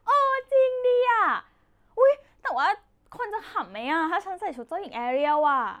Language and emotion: Thai, happy